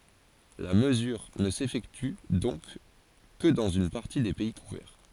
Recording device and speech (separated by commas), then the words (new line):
forehead accelerometer, read sentence
La mesure ne s'effectue donc que dans une partie des pays couverts.